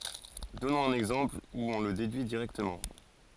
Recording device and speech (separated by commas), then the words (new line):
forehead accelerometer, read sentence
Donnons un exemple où on le déduit directement.